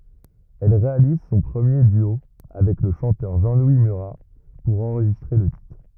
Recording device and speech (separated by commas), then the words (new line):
rigid in-ear microphone, read sentence
Elle réalise son premier duo avec le chanteur Jean-Louis Murat pour enregistrer le titre.